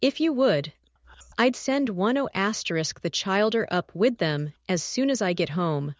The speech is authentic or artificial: artificial